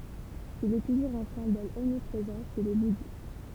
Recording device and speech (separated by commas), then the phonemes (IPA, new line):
temple vibration pickup, read sentence
il ɛ tuʒuʁz œ̃ sɛ̃bɔl ɔmnipʁezɑ̃ ʃe le budist